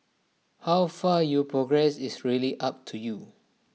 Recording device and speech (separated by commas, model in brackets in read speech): mobile phone (iPhone 6), read sentence